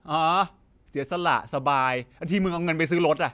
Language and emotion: Thai, frustrated